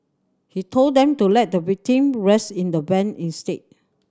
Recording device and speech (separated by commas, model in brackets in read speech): standing microphone (AKG C214), read sentence